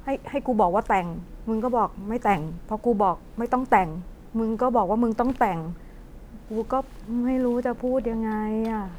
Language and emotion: Thai, frustrated